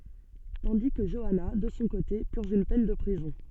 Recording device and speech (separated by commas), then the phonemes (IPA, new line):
soft in-ear microphone, read sentence
tɑ̃di kə ʒɔana də sɔ̃ kote pyʁʒ yn pɛn də pʁizɔ̃